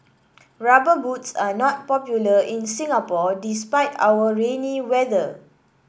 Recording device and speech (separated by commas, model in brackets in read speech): boundary microphone (BM630), read sentence